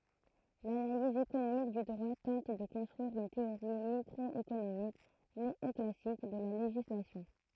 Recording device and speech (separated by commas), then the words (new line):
throat microphone, read sentence
L'analyse économique du droit tente de construire une théorie microéconomique néoclassique de la législation.